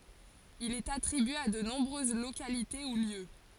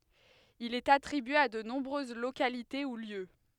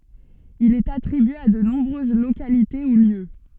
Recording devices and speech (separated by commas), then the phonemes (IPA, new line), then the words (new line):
forehead accelerometer, headset microphone, soft in-ear microphone, read sentence
il ɛt atʁibye a də nɔ̃bʁøz lokalite u ljø
Il est attribué à de nombreuses localités ou lieux.